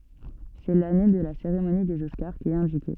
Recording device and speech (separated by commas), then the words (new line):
soft in-ear microphone, read sentence
C'est l'année de la cérémonie des Oscars qui est indiquée.